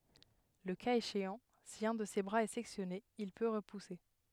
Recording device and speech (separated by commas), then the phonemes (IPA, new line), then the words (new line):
headset microphone, read sentence
lə kaz eʃeɑ̃ si œ̃ də se bʁaz ɛ sɛksjɔne il pø ʁəpuse
Le cas échéant, si un de ses bras est sectionné, il peut repousser.